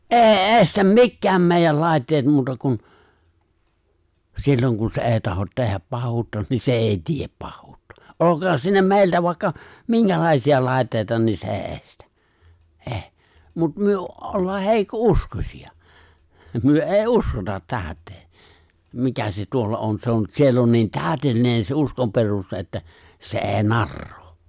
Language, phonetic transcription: Finnish, ’è̬i "’e̬stäm "mikkääm 'mèijäl 'lài̬tteet muuta kun , 'silloŋ kun se "'è̬ì tahot 'teh̆häp 'pah̆huutta nii se "’èi "tiep 'pahhuuttᴀ , '’olok̀aan siinä 'mè̬iltä vàikka , "miŋkälàisi₍a 'lài̬ttèita ni se '’è̬i '’è̬stᴀ̈ , '’ᴇ̬ᴇ̬ , 'mut , 'myö , 'ollaa 'heikko'’uskosi₍a , 'myö '’è̬i "’uskotat 'tääᵒ̈t̆tee , 'mikä se tuolla 'on se̬ on 'siell ‿on nii "tääʸtellinen se 'uskomperuste ’että , se '’è̬i "narrᴏᴏ .
- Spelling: ei estä mitkään meidän laitteet muuta kuin silloin kun se ei tahdo tehdä pahuutta niin se ei tee pahuutta olkoon siinä meiltä vaikka minkälaisia laitteita niin se ei estä ei mutta me ollaan heikkouskoisia me ei uskota täyteen mikä se tuolla on se on siellä on niin täydellinen se uskonperuste että se ei narraa

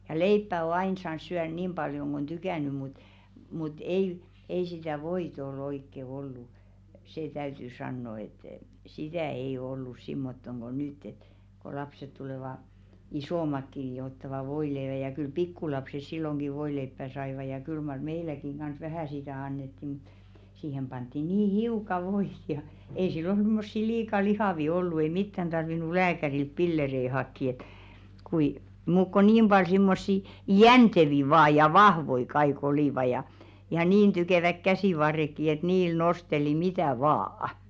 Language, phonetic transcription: Finnish, ja "leippä o 'ain saans̆ 'syär niim ʙaljoŋ ɢ ‿on 'tykä̀ny mut , mut 'ei , ei sitä̀ "voit ‿o'l ‿oikke 'ollu , "see 'täyty 'sanno et , "sitä̀ ei o ollus 'simmottoŋ ɢo "nytt ‿et , ko 'lapset tulèva , "isòmakki ⁿⁱ jo ottava 'voileevä ja kyl "pikkulapses silloŋɢi 'voileippä̀ 'saiva ja kyl mar "meiläkiŋ ɢans 'vähä̀ sitä̀ 'annetti mᴜt , 'siihem pant̆ti nii "hiuka 'voit ja , ei 'sillon̬ simmossi 'liika "lihàvi ollu ei 'mittän tarvinu 'lääkärilt "pillerei 'hakki et , kui , muuk ko 'nim ʙal simmossi , "jäntevi vaa ja "vahvoi 'kai'k ‿olìva ja , ja niin 'tykèväk "käsì'varrekki et "niil 'nosteli "mitä̀ "vaa₍ᵃ .
- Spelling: ja leipää on aina saanut syödä niin paljon kuin on tykännyt mutta mutta ei ei sitä voita ole oikein ollut se täytyy sanoa että sitä ei ole ollut semmottoon kuin nyt että kun lapset tulevat isommatkin niin jo ottavat voileivän ja kyllä pikkulapset silloinkin voileipää saivat ja kyllä mar meilläkin kanssa vähän sitä annettiin mutta siihen pantiin niin hiukan voita ja ei silloin semmoisia liika lihavia ollut ei mitään tarvinnut lääkäriltä pillereitä hakea että kuin muuta kuin niin paljon semmoisia jänteviä vain ja vahvoja kaikki olivat ja ja niin tykevät käsivarretkin että niillä nosteli mitä vain

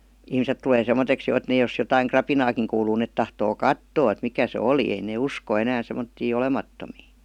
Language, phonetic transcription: Finnish, ihmiset tulee 'semmoteks jo et ne jos jotaiŋ "krapinaakiŋ kuuluu net tahtoo "kattoo et 'mikä se "olì ei nè "usko 'enää semmottii "olemattomii .
- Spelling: ihmiset tulee semmoiseksi jo että ne jos jotakin rapinaakin kuuluu ne tahtoo katsoa että mikä se oli ei ne usko enää semmoisia olemattomia

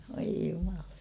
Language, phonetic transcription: Finnish, voi jumalan .
- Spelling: voi jumalan

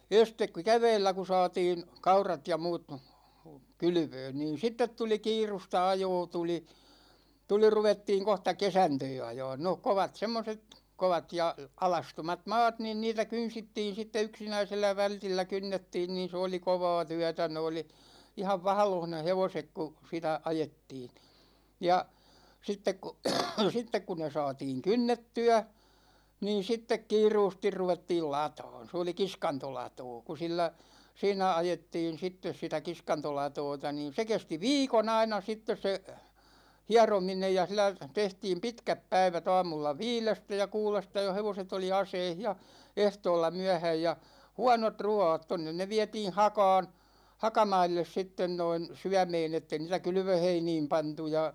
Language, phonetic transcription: Finnish, estek ku "kä̳§vɛɛllä ku 'saatin̬ , 'kaurat ja 'muut , "kylʸvön niin̬ 'sittet tuli "kiirusta 'ajoo tuli , tuli 'ruvettiiŋ 'kohta "kesantöö 'ajaan no "kovat 'semmoset , 'kovat ja , 'alastomat "maat niin niitä 'kynsittiin̬ sitte 'yksinäisellä 'vältillä 'kynnettiin niin̬ se oli "kovaa 'tyätä ne oli , 'ihav "vahᵃloh ne 'hevosek ku , sitä ajettiin , 'ja , 'sittek ku , 'sittek ku ne 'saatiiŋ "kynnetty₍ä , niin̬ 'sittek 'kiiruustir 'ruvettiil "lata̭a̭n̬ , 's ‿oli "kiskantolatoo ku 'sillä , 'siinä 'ajettiin̬ 'sittes 'sitä 'kiskantolatoota niin̬ se 'kesti "viikon ‿aina 'sittes se , "hiarominej ja sil̆lä , 'tehtiim "pitkäp 'päivät ‿aamulla "viilestä ja 'kuulesta jo hevoset ‿oli "aseih ja , "ehtoolla 'myähäj ja , "huanot "ru₍aat 'tonnen ne 'viätiin̬ "haka̭a̭n , 'hakamailles sitten noin , 'syämeen ‿ette niitä "kylvöheiniim 'pantu ja .
- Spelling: ensin kun keväällä kun saatin kaurat ja muut kylvöön niin sitten tuli kiirusta ajoa tuli tuli ruvettiin kohta kesantoa ajamaan no kovat semmoiset kovat ja alastomat maat niin niitä kynsittiin sitten yksinäisellä vältillä kynnettiin niin se oli kovaa työtä ne oli ihan vaahdossa ne hevoset kun sitä ajettiin ja sitten kun sitten kun ne saatiin kynnettyä niin sitten kiiruusti ruvettiin lataamaan se oli kiskantolatoo kun sillä siinä ajettiin sitten sitä kiskantolatoota niin se kesti viikon aina sitten se hierominen ja sillä tehtiin pitkät päivät aamulla viidestä ja kuudesta jo hevoset oli aseissa ja ehtoolla myöhään ja huonot ruuat tuonne ne vietiin hakaan hakamaille sitten noin syömään että ei niitä kylvöheiniin pantu ja

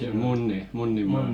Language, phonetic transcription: Finnish, se Munni- , 'Munnimaa ,.
- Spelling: se - Munnimaa

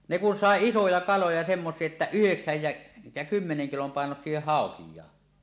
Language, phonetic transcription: Finnish, ne kun sàe "isoja 'kaloja semmos̀ie että "yheksäj jä , jä 'kymmeneŋ kilom pàenosie "hàokij̆jaa .
- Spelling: ne kun sai isoja kaloja semmoisia että yhdeksän ja ja kymmenen kilon painoisia haukiakin

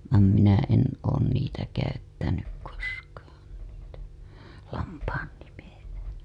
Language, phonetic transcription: Finnish, vaam minä en oon niitä käyttänyk koskaan niitä , lampaan nimejä .
- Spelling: vaan minä en olen niitä käyttänyt koskaan niitä lampaan nimiä

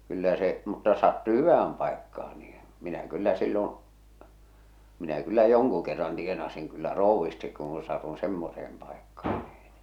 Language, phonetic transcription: Finnish, kyllä se , mutta ᵒs sattu "hyvähäm pàekkaa nii , 'minä 'kyllä sillon̬ , minä kyllä "joŋku kerran tienasiŋ kyllä "ròuvvistik kuuṵ satun̬ 'semmoseem pàekkaa niiɴ .
- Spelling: kyllä se mutta jos sattui hyvään paikkaan niin minä kyllä silloin minä kyllä jonkun kerran tienasin kyllä krouvisti kun satun semmoiseen paikkaan niin

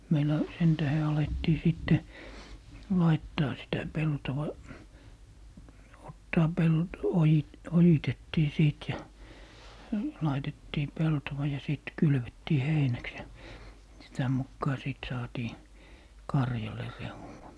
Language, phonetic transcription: Finnish, 'meil̀ä , 'sen 'tähe 'alettii 'sìtte , "laittaa sitä 'peltova , 'ottaa 'pelt - 'oji- , "ojitettii 'sìt ja , 'laitettii "peltowa ja 'sìt 'kylvettii "heinäks ja , 'sitä mukkaa 'sìt saatii , "karjale 'rehu₍a .
- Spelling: meillä sen tähden alettiin sitten laittaa sitä peltoa ottaa ojitettiin sitten ja laitettiin peltoa ja sitten kylvettiin heinäksi ja sitä mukaa sitten saatiin karjalle rehua

